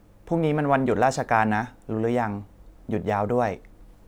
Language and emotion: Thai, neutral